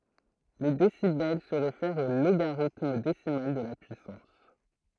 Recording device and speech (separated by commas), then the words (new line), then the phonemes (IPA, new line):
throat microphone, read sentence
Les décibels se réfèrent au logarithme décimal de la puissance.
le desibɛl sə ʁefɛʁt o loɡaʁitm desimal də la pyisɑ̃s